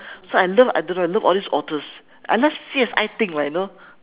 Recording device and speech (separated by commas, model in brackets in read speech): telephone, conversation in separate rooms